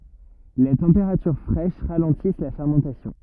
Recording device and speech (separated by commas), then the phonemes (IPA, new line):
rigid in-ear microphone, read sentence
le tɑ̃peʁatyʁ fʁɛʃ ʁalɑ̃tis la fɛʁmɑ̃tasjɔ̃